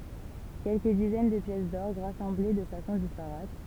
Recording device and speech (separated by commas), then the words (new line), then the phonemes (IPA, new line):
temple vibration pickup, read sentence
Quelques dizaines de pièces d'orgue, rassemblées de façon disparate.
kɛlkə dizɛn də pjɛs dɔʁɡ ʁasɑ̃ble də fasɔ̃ dispaʁat